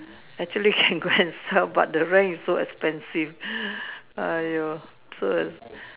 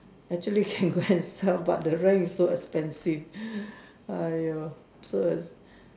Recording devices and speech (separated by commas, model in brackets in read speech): telephone, standing microphone, conversation in separate rooms